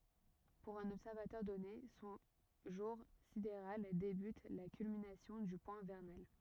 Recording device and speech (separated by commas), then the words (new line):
rigid in-ear microphone, read sentence
Pour un observateur donné, son jour sidéral débute à la culmination du point vernal.